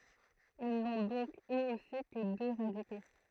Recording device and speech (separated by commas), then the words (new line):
throat microphone, read sentence
Ils n'ont donc eux aussi que deux radicaux.